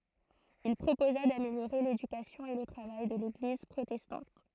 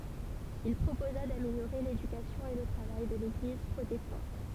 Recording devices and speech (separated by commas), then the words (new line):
throat microphone, temple vibration pickup, read sentence
Il proposa d'améliorer l'éducation et le travail de l'église protestante.